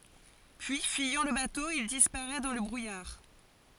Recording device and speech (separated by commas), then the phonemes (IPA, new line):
forehead accelerometer, read sentence
pyi fyijɑ̃ lə bato il dispaʁɛ dɑ̃ lə bʁujaʁ